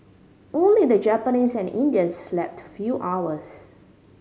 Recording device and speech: mobile phone (Samsung C5010), read sentence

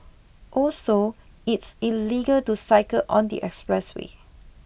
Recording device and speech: boundary microphone (BM630), read sentence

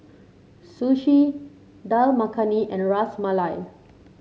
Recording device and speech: mobile phone (Samsung C7), read sentence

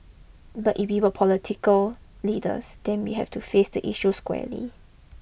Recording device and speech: boundary microphone (BM630), read sentence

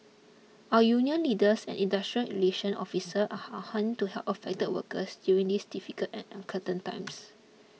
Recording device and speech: mobile phone (iPhone 6), read sentence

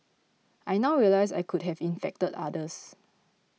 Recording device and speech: mobile phone (iPhone 6), read sentence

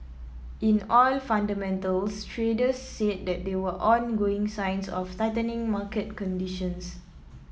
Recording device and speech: mobile phone (iPhone 7), read sentence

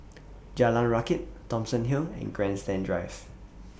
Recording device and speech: boundary microphone (BM630), read sentence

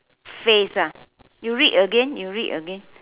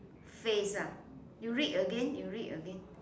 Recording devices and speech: telephone, standing microphone, conversation in separate rooms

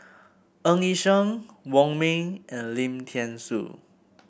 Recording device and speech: boundary microphone (BM630), read sentence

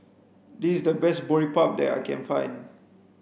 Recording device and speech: boundary microphone (BM630), read sentence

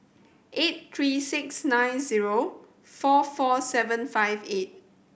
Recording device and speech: boundary microphone (BM630), read sentence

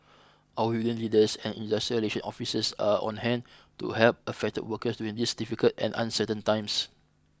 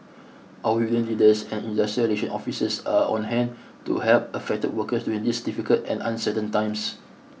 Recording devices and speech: close-talking microphone (WH20), mobile phone (iPhone 6), read sentence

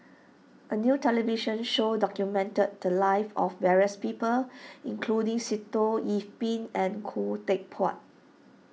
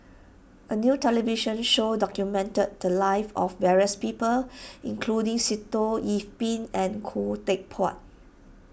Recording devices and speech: mobile phone (iPhone 6), boundary microphone (BM630), read sentence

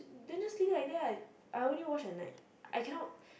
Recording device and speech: boundary microphone, conversation in the same room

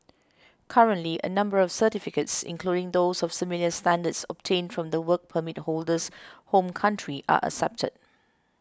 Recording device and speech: close-talking microphone (WH20), read sentence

